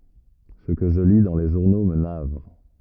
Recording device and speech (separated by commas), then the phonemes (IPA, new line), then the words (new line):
rigid in-ear microphone, read sentence
sə kə ʒə li dɑ̃ le ʒuʁno mə navʁ
Ce que je lis dans les journaux me navre.